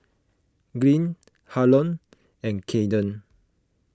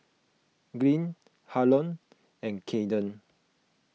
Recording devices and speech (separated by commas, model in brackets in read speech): close-talking microphone (WH20), mobile phone (iPhone 6), read sentence